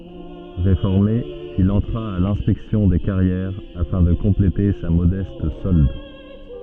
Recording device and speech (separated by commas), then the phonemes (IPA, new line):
soft in-ear microphone, read sentence
ʁefɔʁme il ɑ̃tʁa a lɛ̃spɛksjɔ̃ de kaʁjɛʁ afɛ̃ də kɔ̃plete sa modɛst sɔld